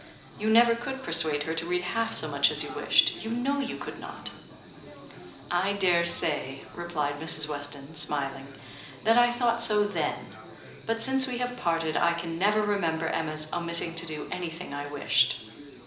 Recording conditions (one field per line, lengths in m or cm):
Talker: one person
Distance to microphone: 2.0 m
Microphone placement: close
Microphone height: 99 cm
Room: medium-sized (5.7 m by 4.0 m)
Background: babble